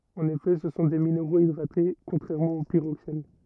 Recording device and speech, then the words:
rigid in-ear microphone, read sentence
En effet ce sont des minéraux hydratés contrairement aux pyroxènes.

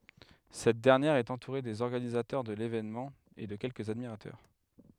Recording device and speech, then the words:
headset microphone, read sentence
Cette dernière est entourée des organisateurs de l'événement et de quelques admirateurs.

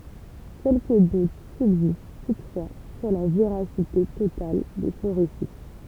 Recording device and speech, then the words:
temple vibration pickup, read sentence
Quelques doutes subsistent toutefois sur la véracité totale de son récit.

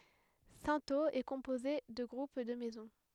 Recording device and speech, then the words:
headset microphone, read sentence
Cintheaux est composée de groupes de maisons.

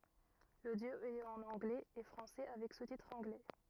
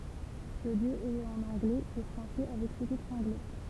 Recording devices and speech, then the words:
rigid in-ear microphone, temple vibration pickup, read sentence
L'audio est en anglais et français avec sous-titres anglais.

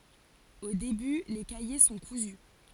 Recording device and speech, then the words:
forehead accelerometer, read sentence
Au début, les cahiers sont cousus.

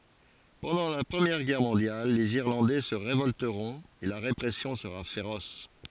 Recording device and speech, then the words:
forehead accelerometer, read sentence
Pendant la Première Guerre mondiale, les Irlandais se révolteront et la répression sera féroce.

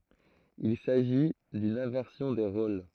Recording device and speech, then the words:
throat microphone, read sentence
Il s'agit d'une inversion des rôles.

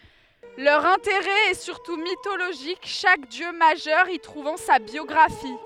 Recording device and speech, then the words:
headset microphone, read sentence
Leur intérêt est surtout mythologique, chaque dieu majeur y trouvant sa biographie.

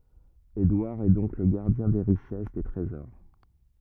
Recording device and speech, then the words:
rigid in-ear microphone, read sentence
Édouard est donc le gardien des richesses, des trésors.

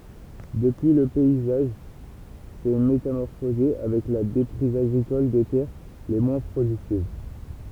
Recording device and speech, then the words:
temple vibration pickup, read sentence
Depuis, le paysage s'est métamorphosé avec la déprise agricole des terres les moins productives.

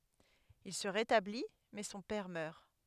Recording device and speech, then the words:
headset microphone, read sentence
Il se rétablit, mais son père meurt.

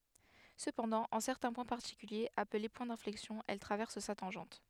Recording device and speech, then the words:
headset microphone, read sentence
Cependant, en certains points particuliers, appelés points d'inflexion elle traverse sa tangente.

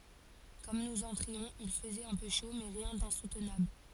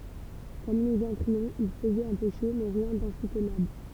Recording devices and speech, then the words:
forehead accelerometer, temple vibration pickup, read sentence
Comme nous entrions, il faisait un peu chaud, mais rien d'insoutenable.

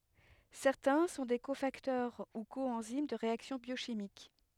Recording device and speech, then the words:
headset microphone, read sentence
Certains sont des cofacteurs ou coenzymes de réactions biochimiques.

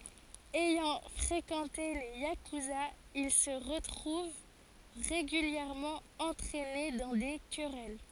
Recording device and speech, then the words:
forehead accelerometer, read sentence
Ayant fréquenté les yakuzas, il se retrouve régulièrement entraîné dans des querelles.

